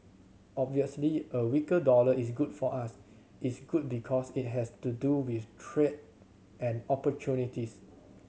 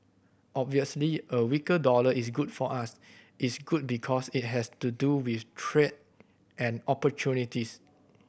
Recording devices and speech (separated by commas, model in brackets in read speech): mobile phone (Samsung C7100), boundary microphone (BM630), read sentence